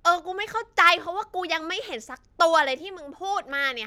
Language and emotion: Thai, angry